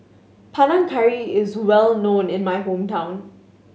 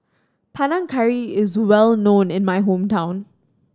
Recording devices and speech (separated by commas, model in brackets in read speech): mobile phone (Samsung S8), standing microphone (AKG C214), read sentence